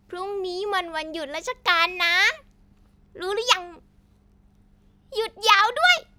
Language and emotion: Thai, happy